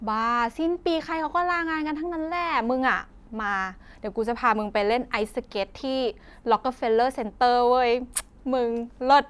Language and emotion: Thai, happy